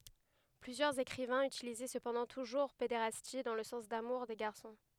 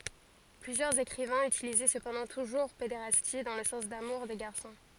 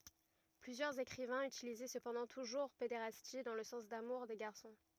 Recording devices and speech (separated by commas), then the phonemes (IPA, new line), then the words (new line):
headset microphone, forehead accelerometer, rigid in-ear microphone, read sentence
plyzjœʁz ekʁivɛ̃z ytilizɛ səpɑ̃dɑ̃ tuʒuʁ pedeʁasti dɑ̃ lə sɑ̃s damuʁ de ɡaʁsɔ̃
Plusieurs écrivains utilisaient cependant toujours pédérastie dans le sens d'amour des garçons.